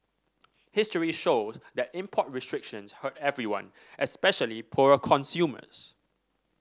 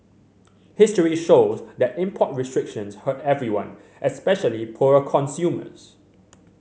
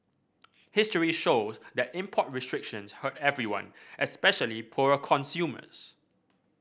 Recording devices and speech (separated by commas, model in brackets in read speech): standing microphone (AKG C214), mobile phone (Samsung C7100), boundary microphone (BM630), read sentence